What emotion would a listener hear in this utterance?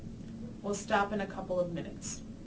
neutral